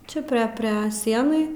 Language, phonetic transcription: Lithuanian, ˈčia pre ˈpre ˈsienai

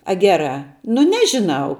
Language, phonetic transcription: Lithuanian, a ˈgerā nu ˈnežiˌnau

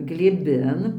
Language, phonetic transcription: Lithuanian, glėˈbin

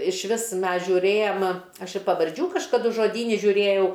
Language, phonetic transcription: Lithuanian, išˈvis ˈmes žiūˈrėjam ˈaš i pavarˈdžių kažkaˈdu žoˈdyni žiuˈrėjau

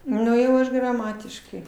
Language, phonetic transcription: Lithuanian, ˈnu jau ˈaš graˈmatiškai

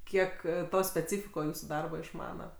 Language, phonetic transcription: Lithuanian, ˈkiek ˈto speˈcyfiko ˈjūsu ˈdarba išˈmana

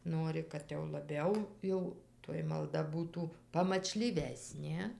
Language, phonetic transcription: Lithuanian, ˈnuori kad jau laˈbiau ˈjau toj malˈda ˈbūtų pamačlyˈvesnė

